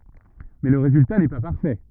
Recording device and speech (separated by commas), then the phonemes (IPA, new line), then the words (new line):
rigid in-ear microphone, read sentence
mɛ lə ʁezylta nɛ pa paʁfɛ
Mais le résultat n'est pas parfait.